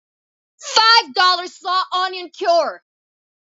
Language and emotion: English, angry